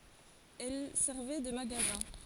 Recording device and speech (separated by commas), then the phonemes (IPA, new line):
forehead accelerometer, read sentence
ɛl sɛʁvɛ də maɡazɛ̃